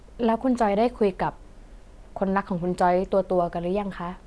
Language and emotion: Thai, neutral